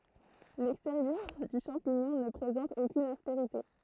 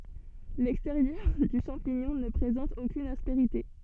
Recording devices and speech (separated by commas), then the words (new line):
throat microphone, soft in-ear microphone, read sentence
L'extérieur du champignon ne présente aucune aspérité.